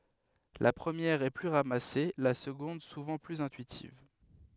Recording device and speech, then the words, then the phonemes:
headset microphone, read sentence
La première est plus ramassée, la seconde souvent plus intuitive.
la pʁəmjɛʁ ɛ ply ʁamase la səɡɔ̃d suvɑ̃ plyz ɛ̃tyitiv

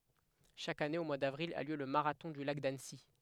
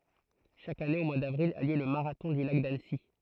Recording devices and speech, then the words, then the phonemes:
headset microphone, throat microphone, read sentence
Chaque année au mois d'avril a lieu le marathon du Lac d'Annecy.
ʃak ane o mwaə davʁil a ljø lə maʁatɔ̃ dy lak danəsi

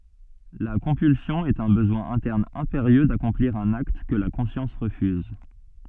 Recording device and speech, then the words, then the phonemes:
soft in-ear microphone, read sentence
La compulsion est un besoin interne impérieux d’accomplir un acte que la conscience refuse.
la kɔ̃pylsjɔ̃ ɛt œ̃ bəzwɛ̃ ɛ̃tɛʁn ɛ̃peʁjø dakɔ̃pliʁ œ̃n akt kə la kɔ̃sjɑ̃s ʁəfyz

